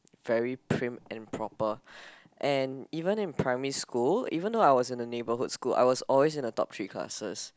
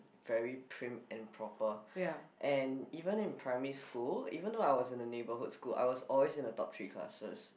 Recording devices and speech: close-talking microphone, boundary microphone, conversation in the same room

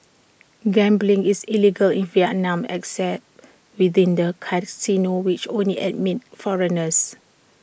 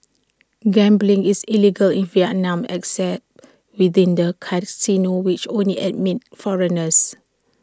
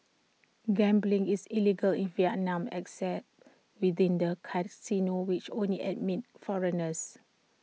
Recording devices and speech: boundary microphone (BM630), standing microphone (AKG C214), mobile phone (iPhone 6), read sentence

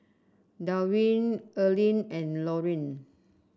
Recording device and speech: standing microphone (AKG C214), read sentence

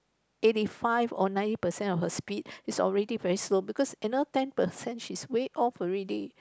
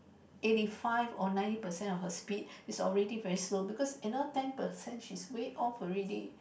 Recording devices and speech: close-talking microphone, boundary microphone, conversation in the same room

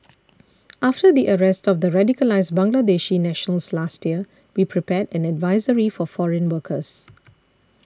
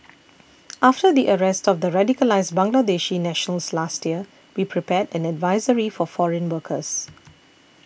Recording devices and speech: standing microphone (AKG C214), boundary microphone (BM630), read sentence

